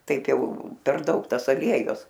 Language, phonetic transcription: Lithuanian, ˈtaip ˈjau per ˈdaug ˈtas aˈliejus

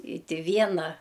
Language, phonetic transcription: Lithuanian, i ˈti ˈviena

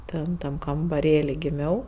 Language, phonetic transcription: Lithuanian, ˈten ˈtam kambaˈrėli giˈmiau

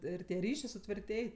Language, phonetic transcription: Lithuanian, ˈir tie ˈryšė sutvirˈtėj

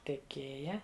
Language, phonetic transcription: Lithuanian, teˈkėja

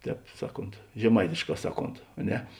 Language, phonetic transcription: Lithuanian, ˈtēp ˈsaˌkont žeˈmaitišˌkā ˈsaˌkont a ˈne

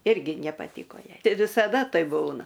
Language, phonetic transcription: Lithuanian, ˈirgi nepaˈtyko ˈjai ti visaˈda ˈtai ˈbūna

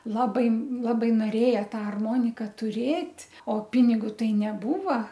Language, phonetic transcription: Lithuanian, ˈlabai ˈlabai noˈrėja ˈtą arˈmonika tuˈrėt' o ˈpinigu ˈtai neˈbūva

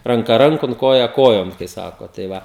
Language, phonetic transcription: Lithuanian, ranˈka ˈrankon ˈkoja ˈkojon kai ˈsako tai ˈva

